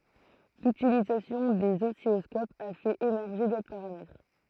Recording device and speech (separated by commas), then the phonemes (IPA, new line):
throat microphone, read sentence
lytilizasjɔ̃ dez ɔsilɔskopz a fɛt emɛʁʒe dotʁ paʁamɛtʁ